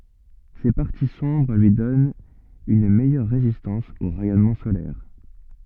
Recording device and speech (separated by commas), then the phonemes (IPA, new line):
soft in-ear microphone, read sentence
se paʁti sɔ̃bʁ lyi dɔnt yn mɛjœʁ ʁezistɑ̃s o ʁɛjɔnmɑ̃ solɛʁ